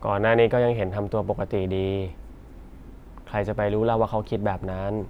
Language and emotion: Thai, frustrated